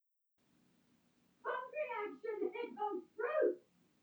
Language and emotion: English, angry